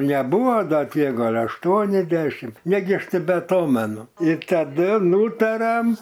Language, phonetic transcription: Lithuanian, neˈbuva ˈda tiek ˈgal' ašˈtuoni ˈdešim ˈnegi ˈaš nebeaˈtomenu ir taˈdu ˈnūtariam

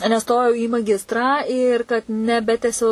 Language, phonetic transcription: Lithuanian, neˈstojau į maˈgistrą ir kad neˈbetesiau

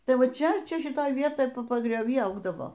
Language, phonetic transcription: Lithuanian, ˈtai ˈva ˈčia ˈčia šiˈtoj ˈvietoj pagrioˈvy ˈaugdavo

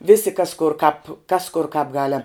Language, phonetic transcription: Lithuanian, ˈvisi kas kur kāp kas kur kāp ˈgalem

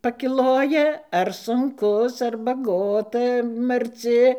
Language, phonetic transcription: Lithuanian, pakiˈloja ar sunˈkus ar baˈgota marˈci

